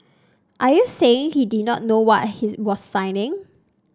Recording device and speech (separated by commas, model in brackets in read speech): standing microphone (AKG C214), read sentence